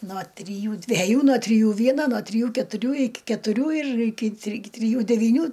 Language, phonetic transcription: Lithuanian, no triˈjų dveˈjų no triˈjų ˈvieno no triˈjų ketuˈrių ˈiki ketuˈrių ir ˈiki tri triˈjų devyˈnių

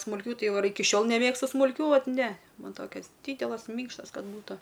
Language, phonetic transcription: Lithuanian, smulˈkių ˈtai ˈva ir ˈiki ˈšiol neˈmėgstu smulˈkių ˈvat ˈne ˈman ˈtokias ˈdydelas ˈmynkštas ˈkad ˈbūta

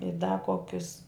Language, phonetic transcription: Lithuanian, i da ˈkokius

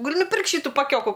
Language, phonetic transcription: Lithuanian, gaˈli nuˈpirkt ˈšytu paˈkioku

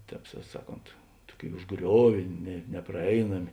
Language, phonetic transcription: Lithuanian, ˈtēp sa ˈsaˌkont ˈtuoˌkėi užˈgriovė ne nepraˈeinami

